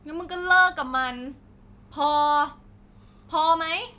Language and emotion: Thai, angry